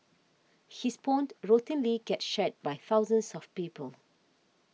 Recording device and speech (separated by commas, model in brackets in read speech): mobile phone (iPhone 6), read sentence